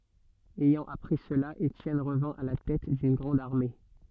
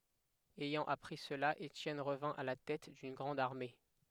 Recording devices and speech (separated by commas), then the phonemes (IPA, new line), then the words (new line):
soft in-ear microphone, headset microphone, read sentence
ɛjɑ̃ apʁi səla etjɛn ʁəvɛ̃ a la tɛt dyn ɡʁɑ̃d aʁme
Ayant appris cela, Étienne revint à la tête d'une grande armée.